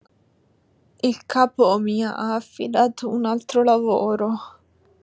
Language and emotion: Italian, sad